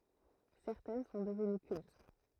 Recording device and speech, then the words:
throat microphone, read sentence
Certaines sont devenues cultes.

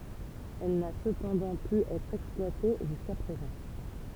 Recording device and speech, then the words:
temple vibration pickup, read sentence
Elle n'a cependant pu être exploitée jusqu'à présent.

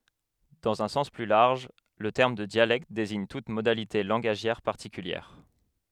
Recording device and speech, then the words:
headset microphone, read sentence
Dans un sens plus large, le terme de dialecte désigne toute modalité langagière particulière.

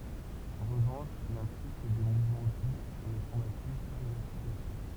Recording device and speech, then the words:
temple vibration pickup, read sentence
En revanche, il implique des mouvements doux et ne traumatise pas les articulations.

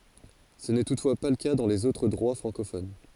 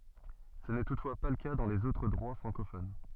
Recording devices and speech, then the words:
forehead accelerometer, soft in-ear microphone, read sentence
Ce n'est toutefois pas le cas dans les autres droits francophones.

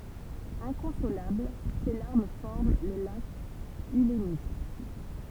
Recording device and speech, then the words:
temple vibration pickup, read sentence
Inconsolable, ses larmes forment le lac Ülemiste.

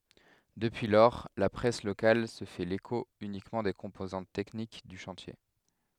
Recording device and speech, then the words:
headset microphone, read sentence
Depuis lors, la presse locale se fait l'écho uniquement des composantes techniques du chantier.

